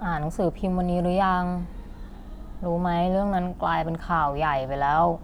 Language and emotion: Thai, frustrated